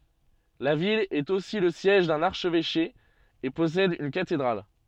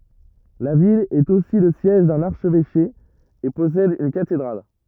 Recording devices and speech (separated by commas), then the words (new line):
soft in-ear microphone, rigid in-ear microphone, read sentence
La ville est aussi le siège d'un archevêché et possède une cathédrale.